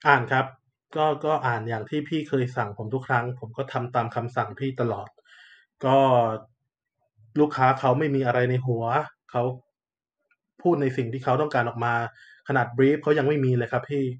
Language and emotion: Thai, frustrated